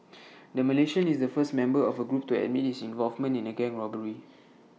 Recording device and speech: mobile phone (iPhone 6), read sentence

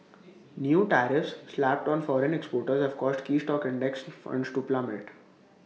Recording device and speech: mobile phone (iPhone 6), read sentence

